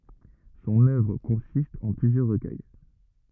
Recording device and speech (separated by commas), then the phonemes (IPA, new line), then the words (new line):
rigid in-ear microphone, read sentence
sɔ̃n œvʁ kɔ̃sist ɑ̃ plyzjœʁ ʁəkœj
Son œuvre consiste en plusieurs recueils.